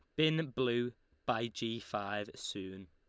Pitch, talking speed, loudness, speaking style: 115 Hz, 135 wpm, -37 LUFS, Lombard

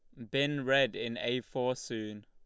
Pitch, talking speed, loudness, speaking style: 125 Hz, 190 wpm, -32 LUFS, Lombard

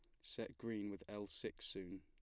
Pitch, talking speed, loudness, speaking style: 100 Hz, 200 wpm, -48 LUFS, plain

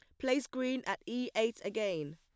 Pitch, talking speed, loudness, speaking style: 225 Hz, 185 wpm, -35 LUFS, plain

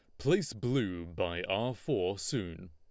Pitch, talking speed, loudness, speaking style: 105 Hz, 145 wpm, -34 LUFS, Lombard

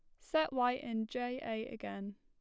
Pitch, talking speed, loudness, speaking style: 230 Hz, 185 wpm, -37 LUFS, plain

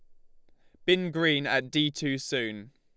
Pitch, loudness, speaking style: 145 Hz, -27 LUFS, Lombard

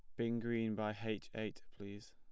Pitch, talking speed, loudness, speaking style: 110 Hz, 190 wpm, -42 LUFS, plain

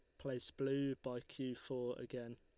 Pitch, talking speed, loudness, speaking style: 125 Hz, 165 wpm, -44 LUFS, Lombard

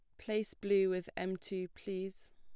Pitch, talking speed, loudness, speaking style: 190 Hz, 165 wpm, -37 LUFS, plain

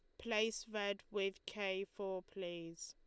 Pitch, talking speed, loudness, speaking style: 200 Hz, 135 wpm, -42 LUFS, Lombard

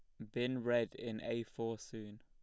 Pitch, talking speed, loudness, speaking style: 115 Hz, 195 wpm, -40 LUFS, plain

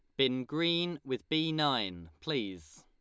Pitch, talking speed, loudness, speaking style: 135 Hz, 140 wpm, -32 LUFS, Lombard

